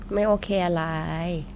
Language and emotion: Thai, neutral